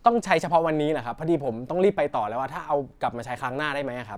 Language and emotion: Thai, neutral